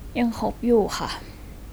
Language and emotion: Thai, sad